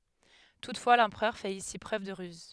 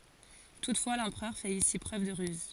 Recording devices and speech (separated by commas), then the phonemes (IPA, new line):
headset microphone, forehead accelerometer, read sentence
tutfwa lɑ̃pʁœʁ fɛt isi pʁøv də ʁyz